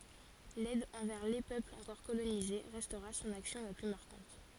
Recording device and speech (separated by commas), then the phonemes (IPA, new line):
forehead accelerometer, read sentence
lɛd ɑ̃vɛʁ le pøplz ɑ̃kɔʁ kolonize ʁɛstʁa sɔ̃n aksjɔ̃ la ply maʁkɑ̃t